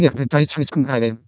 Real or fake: fake